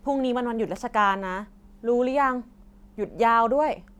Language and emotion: Thai, frustrated